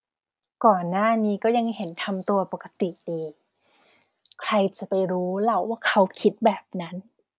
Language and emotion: Thai, frustrated